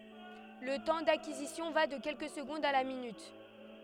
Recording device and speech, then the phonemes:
headset microphone, read sentence
lə tɑ̃ dakizisjɔ̃ va də kɛlkə səɡɔ̃dz a la minyt

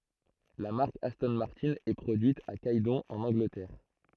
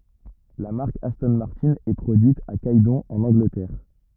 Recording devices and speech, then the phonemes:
throat microphone, rigid in-ear microphone, read sentence
la maʁk astɔ̃ maʁtɛ̃ ɛ pʁodyit a ɡɛdɔ̃ ɑ̃n ɑ̃ɡlətɛʁ

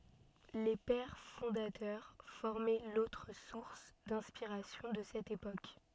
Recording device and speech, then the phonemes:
soft in-ear microphone, read sentence
le pɛʁ fɔ̃datœʁ fɔʁmɛ lotʁ suʁs dɛ̃spiʁasjɔ̃ də sɛt epok

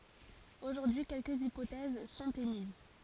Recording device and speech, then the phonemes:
forehead accelerometer, read sentence
oʒuʁdyi kɛlkəz ipotɛz sɔ̃t emiz

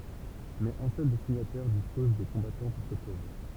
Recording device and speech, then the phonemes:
temple vibration pickup, read sentence
mɛz œ̃ sœl de siɲatɛʁ dispɔz də kɔ̃batɑ̃ puʁ sə pʁoʒɛ

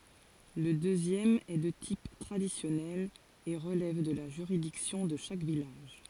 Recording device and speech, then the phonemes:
forehead accelerometer, read sentence
lə døzjɛm ɛ də tip tʁadisjɔnɛl e ʁəlɛv də la ʒyʁidiksjɔ̃ də ʃak vilaʒ

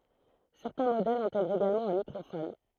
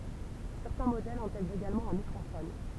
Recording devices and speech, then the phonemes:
throat microphone, temple vibration pickup, read sentence
sɛʁtɛ̃ modɛlz ɛ̃tɛɡʁt eɡalmɑ̃ œ̃ mikʁofɔn

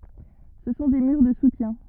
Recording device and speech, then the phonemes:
rigid in-ear microphone, read sentence
sə sɔ̃ de myʁ də sutjɛ̃

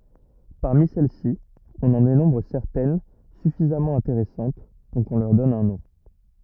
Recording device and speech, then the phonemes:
rigid in-ear microphone, read sentence
paʁmi sɛl si ɔ̃n ɑ̃ denɔ̃bʁ sɛʁtɛn syfizamɑ̃ ɛ̃teʁɛsɑ̃t puʁ kɔ̃ lœʁ dɔn œ̃ nɔ̃

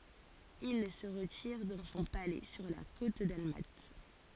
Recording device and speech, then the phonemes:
forehead accelerometer, read sentence
il sə ʁətiʁ dɑ̃ sɔ̃ palɛ syʁ la kot dalmat

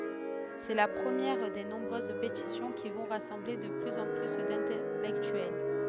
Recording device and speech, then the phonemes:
headset microphone, read sentence
sɛ la pʁəmjɛʁ de nɔ̃bʁøz petisjɔ̃ ki vɔ̃ ʁasɑ̃ble də plyz ɑ̃ ply dɛ̃tɛlɛktyɛl

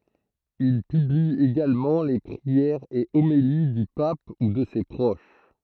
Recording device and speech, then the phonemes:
throat microphone, read sentence
il pybli eɡalmɑ̃ le pʁiɛʁz e omeli dy pap u də se pʁoʃ

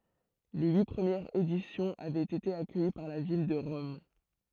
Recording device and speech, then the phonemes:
throat microphone, read sentence
le yi pʁəmjɛʁz edisjɔ̃z avɛt ete akœji paʁ la vil də ʁɔm

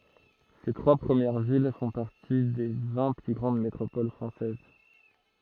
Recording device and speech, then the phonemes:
throat microphone, read sentence
se tʁwa pʁəmjɛʁ vil fɔ̃ paʁti de vɛ̃ ply ɡʁɑ̃d metʁopol fʁɑ̃sɛz

